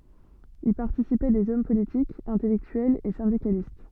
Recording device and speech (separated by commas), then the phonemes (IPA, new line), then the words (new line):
soft in-ear microphone, read sentence
i paʁtisipɛ dez ɔm politikz ɛ̃tɛlɛktyɛlz e sɛ̃dikalist
Y participaient des hommes politiques, intellectuels et syndicalistes.